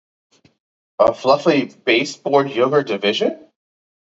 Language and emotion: English, surprised